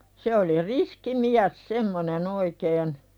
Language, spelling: Finnish, se oli riski mies semmoinen oikein
- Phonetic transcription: se oli "riski miäs 'semmone'n ‿oikeen .

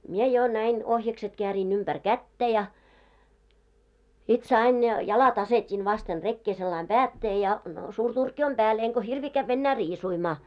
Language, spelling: Finnish, minä jo näin ohjakset käärin ympäri kättä ja sitten sain - jalat asetin vasten rekeä sillä lailla päätteelle ja suuri turkki on päällä enkä hirviä käydä enää riisumaa
- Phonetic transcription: mie jo 'näin , 'ohjakset keäriin ymʙär "kättä ja , sit 'sain ja- , 'jalat asetin vasten 'rekkee sellaim "päättee ja , suur 'turkki om "ʙääl , eŋko 'hirvii kävv ‿ennää 'riisuimaa .

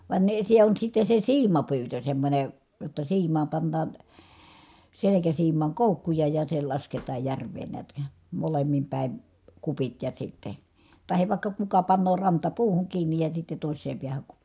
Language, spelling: Finnish, vain ne se on sitten se siimapyytö semmoinen jotta siimaan pannaan selkäsiimaan koukkuja ja se lasketaan järveen näet - molemmin päin kupit ja sitten tai vaikka kuka panee rantapuuhun kiinni ja sitten toiseen päähän kupin
- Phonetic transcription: vàen ne , se on sitte se siimapyytö semmońe , jotta siim̀aam pannaan , selekäsiim̆maaŋ kòukkuja ja se lasketaa järveen neät (kä) , molemmim pä̀i̮n , kupit ja sitte , tahev vàikka kuka pannoo rantapuuhuŋ kiinnij ja sitte tòis̆seem piähäŋ ku(pi) .

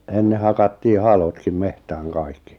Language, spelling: Finnish, ennen hakattiin halotkin metsään kaikki
- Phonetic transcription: 'enne hakattii "halotkim 'mehtääŋ 'kaikki .

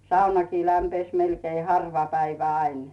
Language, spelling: Finnish, saunakin lämpisi melkein harva päivä aina
- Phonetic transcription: 'saunakii lämpes melkei 'harva 'päivä 'ain .

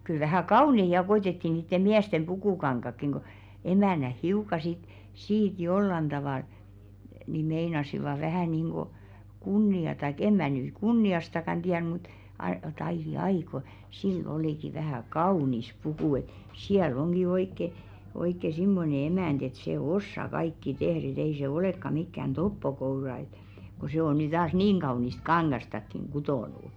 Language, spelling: Finnish, kyllä vähän kauniita ja koetettiin niiden miesten pukukankaatkin kun emännät hiukan sitten siitä jollakin tavalla niin meinasivat vähän niin kuin kunniaa tai en minä nyt kunniastakaan tiedä mutta - - ai ai kun sillä olikin vähän kaunis puku että siellä onkin oikein oikein semmoinen emäntä että se osaa kaikki tehdä että ei se olekaan mikään toppokoura että kun se on nyt taas niin kaunista kangastakin kutonut
- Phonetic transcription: kyl vähä̀ "kaunei 'ja koitetti niitte "miästem 'ʙukùkaŋkakkiŋ ko , 'emä̀näh 'hiuka sit , "siit 'jollan ᴅavàl , ni 'meinasivà vähä̀ nìŋɢo 'kunni₍a taik "em mä̀ nyy "kunni₍astakan ᴅiär mut , a- (jot-‿) » 'aiʲ "jai ko , 'sill ‿olìki 'vähä̀ "kaunis 'pukù « et , » 'siäl ‿oŋɢi 'oikke , oikke "simmone 'emänᴅ ‿et sè "ossa 'kaikki 'tehr ‿e't ‿ei se 'olèkka mikkän "toppokoura ‿ᵉt , ko 'sè o ny taas "niiŋ 'ɢaunist 'kaŋɢastakkiŋ "ɢutònu « .

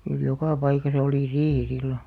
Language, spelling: Finnish, kyllä joka paikassa oli riihi silloin
- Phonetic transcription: kyl 'jokà 'paikasa olì "riihi sillo .

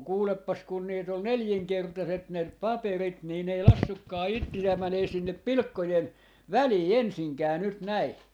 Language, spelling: Finnish, mutta kuulepas kun niitä oli nelinkertaiset ne paperit niin ne ei laskenutkaan itseään menemään sinne pilkkojen väliin ensinkään nyt näin
- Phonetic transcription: muk 'kuuleppas kun niit ‿ol "neljiŋkertaset ne , 'paperit nii n ‿ei 'lassukkaa 'itti₍ää mänee sinnep̆ "pilⁱkkojen , "välii 'ensiŋkää nyt 'näi .

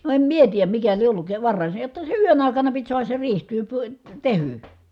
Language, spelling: Finnish, no en minä tiedä mikä lie ollut varhain se jotta se yön aikana piti saada se riihi - - tehdyksi
- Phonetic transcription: no em mie tiijäm mikä lie ʼolluk , varrài se jotta se yön ài̮kana pit suahas se riih ty- py- , tehỳ .

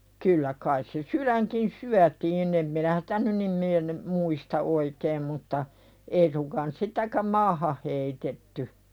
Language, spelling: Finnish, kyllä kai se sydänkin syötiin en minä sitä nyt niin mieleeni muista oikein mutta ei suinkaan sitäkään maahan heitetty
- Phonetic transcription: 'kyllä kais se "syðäŋkin 'syätiin ‿em minä sᴵtä 'nyn nim mie(leeni) , "muista 'oikeem mutta , 'ei suŋkaan 'sitäkäm "maahah heitetty .

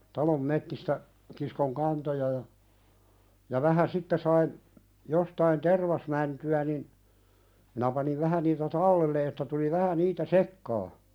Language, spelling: Finnish, talon metsistä kiskoin kantoja ja ja vähän sitten sain jostakin tervasmäntyjä niin minä panin vähän niitä talteen että tuli vähän niitä sekaan
- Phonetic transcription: talom 'mettistä , kiskoŋ "kantoja ja , ja 'vähä "sitte sain , jostain "tervasmänty₍ä nin , minä paniv 'vähä niitä "tallelle että tuli 'vähä "niitä "sekkaa .

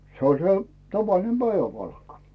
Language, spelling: Finnish, se oli se tavallinen päiväpalkka
- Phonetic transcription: 'se oĺ 'se , 'tavalinem "Bäiväpalkka .

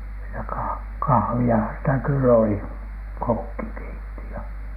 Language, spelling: Finnish, sitä - kahviahan sitä kyllä oli kokki keitti ja
- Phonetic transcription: sitä kA- , "kah̳v̳i₍ahan sitä kyll ‿oli , "kokki keitti ja .

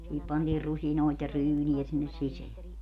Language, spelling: Finnish, siihen pantiin rusinoita ja ryynejä sinne sisään
- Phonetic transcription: siihip 'pantiir 'rusinòit ja 'ryyni₍ä sinnes 'siseä .

